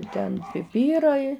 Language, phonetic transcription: Lithuanian, ˈten piˈpyrai

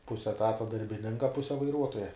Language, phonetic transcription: Lithuanian, ˈpuse eˈtata darbiˈninka ˈpuse vaiˈruotoja

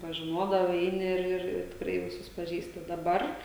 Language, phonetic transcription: Lithuanian, pažiˈnodavai ˈeini ir ir ir tikˈrai viˈsus paˈžįsti daˈbar

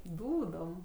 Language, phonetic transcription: Lithuanian, ˈdūdom

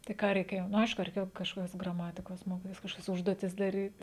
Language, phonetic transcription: Lithuanian, tai ˈką reiˈkėjo nu ˈaišku reiˈkėjo kažˈkokias graˈmatikos ˈmokitis kažˈkokias ˈužduotis daˈryt

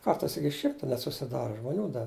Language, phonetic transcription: Lithuanian, ˈkartais ˈiki ˈšimta net susiˈdara žmoˈnių da

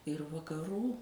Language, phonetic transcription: Lithuanian, ir vakaˈrų

